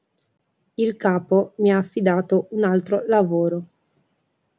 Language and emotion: Italian, neutral